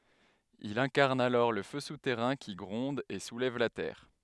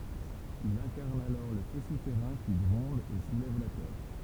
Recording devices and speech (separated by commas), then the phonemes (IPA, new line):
headset microphone, temple vibration pickup, read sentence
il ɛ̃kaʁn alɔʁ lə fø sutɛʁɛ̃ ki ɡʁɔ̃d e sulɛv la tɛʁ